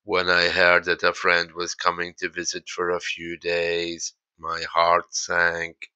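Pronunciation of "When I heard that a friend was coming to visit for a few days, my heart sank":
The whole sentence is said in a monotone, without intonation, so it sounds like chanting.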